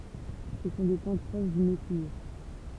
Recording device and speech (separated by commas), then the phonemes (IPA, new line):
temple vibration pickup, read sentence
sə sɔ̃ de plɑ̃t pʁoʃ dy neflie